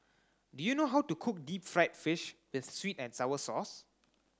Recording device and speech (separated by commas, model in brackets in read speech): close-talking microphone (WH30), read sentence